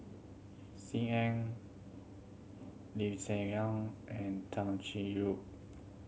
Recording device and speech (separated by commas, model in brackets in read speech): mobile phone (Samsung C7100), read sentence